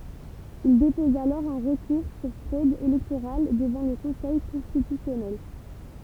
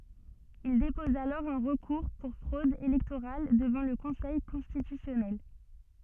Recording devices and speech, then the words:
temple vibration pickup, soft in-ear microphone, read sentence
Il dépose alors un recours pour fraude électorale devant le conseil constitutionnel.

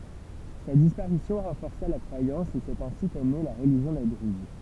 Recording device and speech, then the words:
temple vibration pickup, read sentence
Sa disparition renforça la croyance et c'est ainsi qu'est née la religion des druzes.

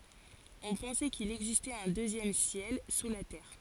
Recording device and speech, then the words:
forehead accelerometer, read sentence
On pensait qu'il existait un deuxième ciel sous la terre.

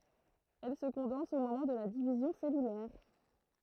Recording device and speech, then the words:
throat microphone, read sentence
Elle se condense au moment de la division cellulaire.

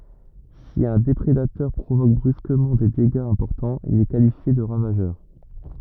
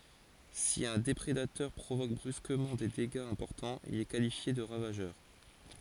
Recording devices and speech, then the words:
rigid in-ear microphone, forehead accelerometer, read sentence
Si un déprédateur provoque brusquement des dégâts importants, il est qualifié de ravageur.

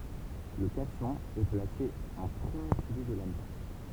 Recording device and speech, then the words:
temple vibration pickup, read sentence
Le cation est placé en premier suivi de l'anion.

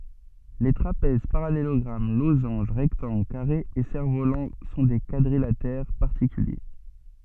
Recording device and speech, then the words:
soft in-ear microphone, read sentence
Les trapèzes, parallélogrammes, losanges, rectangles, carrés et cerfs-volants sont des quadrilatères particuliers.

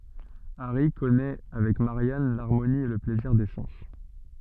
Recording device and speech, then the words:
soft in-ear microphone, read sentence
Harry connaît avec Marianne l'harmonie et le plaisir des sens.

